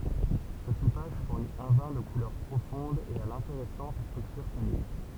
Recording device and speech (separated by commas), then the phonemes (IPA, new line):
temple vibration pickup, read sentence
sə sepaʒ fuʁni œ̃ vɛ̃ də kulœʁ pʁofɔ̃d e a lɛ̃teʁɛsɑ̃t stʁyktyʁ tanik